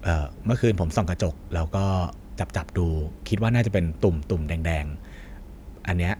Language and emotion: Thai, neutral